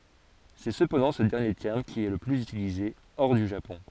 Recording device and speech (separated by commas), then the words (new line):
forehead accelerometer, read sentence
C'est cependant ce dernier terme qui est le plus utilisé hors du Japon.